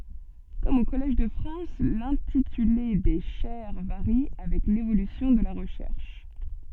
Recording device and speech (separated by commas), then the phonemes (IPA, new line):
soft in-ear microphone, read sentence
kɔm o kɔlɛʒ də fʁɑ̃s lɛ̃tityle de ʃɛʁ vaʁi avɛk levolysjɔ̃ də la ʁəʃɛʁʃ